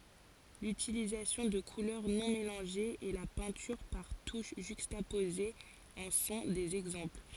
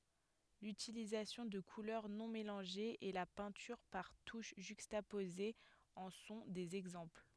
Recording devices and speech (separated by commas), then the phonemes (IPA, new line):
forehead accelerometer, headset microphone, read sentence
lytilizasjɔ̃ də kulœʁ nɔ̃ melɑ̃ʒez e la pɛ̃tyʁ paʁ tuʃ ʒykstapozez ɑ̃ sɔ̃ dez ɛɡzɑ̃pl